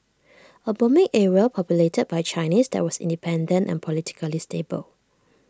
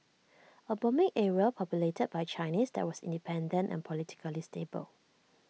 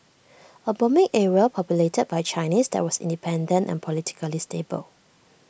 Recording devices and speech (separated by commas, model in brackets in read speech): standing microphone (AKG C214), mobile phone (iPhone 6), boundary microphone (BM630), read sentence